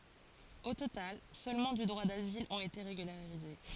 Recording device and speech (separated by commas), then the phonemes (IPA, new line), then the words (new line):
forehead accelerometer, read sentence
o total sølmɑ̃ dy dʁwa dazil ɔ̃t ete ʁeɡylaʁize
Au total, seulement du droit d'asile ont été régularisés.